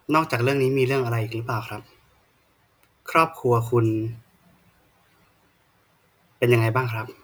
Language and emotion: Thai, neutral